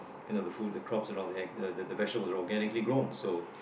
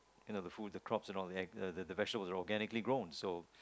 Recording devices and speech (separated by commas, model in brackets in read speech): boundary microphone, close-talking microphone, conversation in the same room